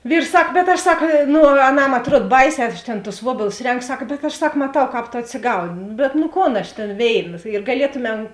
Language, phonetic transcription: Lithuanian, ˈvyrs ˈsak bet ˈaš ˈsak ˈnu aˈnam atˈruod ˈbaiˌsē ˈaš tėn tus ˈvuobėlus ˈrenko ˈsak bet aš ˈsak maˈtau ˈkāp to atsiˈgauni bet nu ˈkon ˈaš tėn ˈvėiˌna ir gaˈlietuˌmem

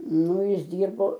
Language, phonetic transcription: Lithuanian, ˈnu ˈjis ˈdyrbo

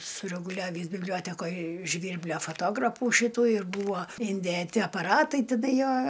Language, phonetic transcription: Lithuanian, sureguˈliavįs bibˈliotekoj ˈžvyrblio fotoˈgrapų ˈšitų ir ˈbūvo indėˈti apaˈratai ˈtida ˈjo

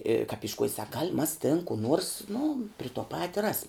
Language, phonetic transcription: Lithuanian, i kap išˈkuoj sak gal' mas tin ku ˈnuors nu pri tuo ˈpati ˈrasim

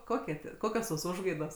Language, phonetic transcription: Lithuanian, ˈkokie tie ˈkokios tos ˈužgaidos

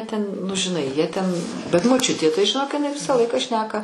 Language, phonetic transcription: Lithuanian, ten nu žiˈnai jie ten bet moˈčiutė tai žiˈnok iˈnai ˈvisą ˈlaiką ˈšneka

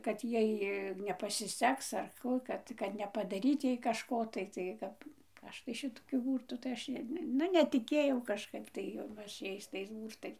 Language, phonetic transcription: Lithuanian, ˈkad ˈjai nepasiˈseks ar ˈkų ˈkad kad nepadaˈryt ˈjai kažˈko tai ˈtai ˈkap ˈaš tai ˈšitokiu ˈbūrtų tai ˈaš ˈnu netiˈkėjau kažˈkaip tai jau ˈaš ˈjais tais ˈbūrtais

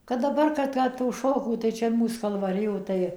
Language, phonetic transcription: Lithuanian, kad daˈbar ˈka ˈkad tų ˈšokių tai ˈčia ˈmūs kalvaˈrijo tai

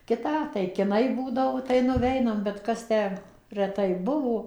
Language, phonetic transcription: Lithuanian, ˈkitą tai kiˈnai ˈbūdavo tai nuˈveinam bet ˈkas ˈtę reˈtai ˈbuvo

